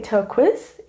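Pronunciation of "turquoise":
'Turquoise' is pronounced incorrectly here.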